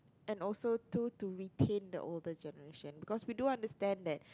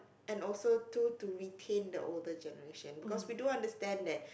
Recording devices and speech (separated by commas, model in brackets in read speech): close-talking microphone, boundary microphone, conversation in the same room